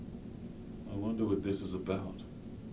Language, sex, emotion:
English
male
neutral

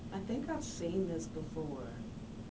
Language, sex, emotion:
English
female
neutral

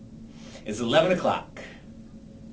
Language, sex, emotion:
English
male
happy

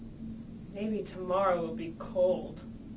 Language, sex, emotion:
English
female
sad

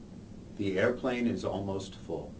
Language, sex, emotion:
English
male
neutral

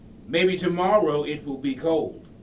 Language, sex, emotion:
English
male
neutral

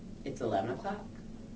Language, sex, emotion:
English
female
neutral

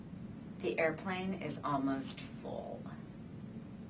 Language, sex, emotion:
English
female
disgusted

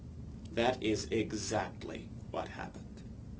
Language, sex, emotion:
English
male
neutral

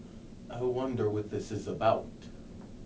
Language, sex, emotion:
English
male
neutral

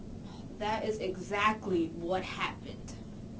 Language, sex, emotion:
English
female
disgusted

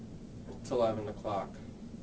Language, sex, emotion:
English
male
neutral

